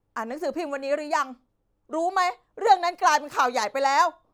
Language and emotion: Thai, angry